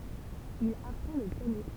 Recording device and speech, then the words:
temple vibration pickup, read sentence
Il apprend le piano.

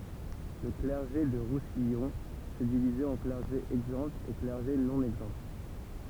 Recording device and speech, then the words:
temple vibration pickup, read sentence
Le clergé du Roussillon se divisait en clergé exempt et clergé non exempt.

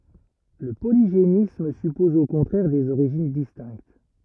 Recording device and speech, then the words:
rigid in-ear microphone, read sentence
Le polygénisme suppose au contraire des origines distinctes.

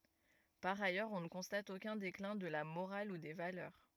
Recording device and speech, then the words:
rigid in-ear microphone, read sentence
Par ailleurs, on ne constate aucun déclin de la morale ou des valeurs.

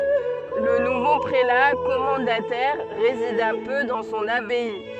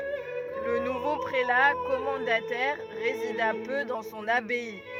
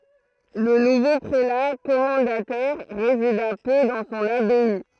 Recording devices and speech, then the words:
soft in-ear microphone, rigid in-ear microphone, throat microphone, read sentence
Le nouveau prélat commendataire résida peu dans son abbaye.

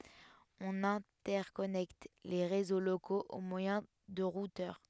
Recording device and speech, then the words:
headset microphone, read sentence
On interconnecte les réseaux locaux au moyen de routeurs.

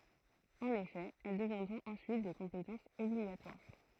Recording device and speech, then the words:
throat microphone, read sentence
En effet, elles deviendront ensuite des compétences obligatoires.

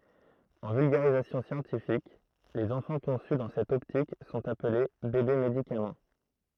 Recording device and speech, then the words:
throat microphone, read sentence
En vulgarisation scientifique, les enfants conçus dans cette optique sont appelés bébés-médicaments.

